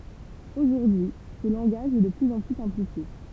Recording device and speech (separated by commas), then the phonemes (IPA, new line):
temple vibration pickup, read sentence
oʒuʁdyi sə lɑ̃ɡaʒ ɛ də plyz ɑ̃ ply sɛ̃plifje